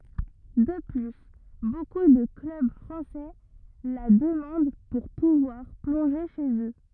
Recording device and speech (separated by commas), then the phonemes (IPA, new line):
rigid in-ear microphone, read sentence
də ply boku də klœb fʁɑ̃sɛ la dəmɑ̃d puʁ puvwaʁ plɔ̃ʒe ʃez ø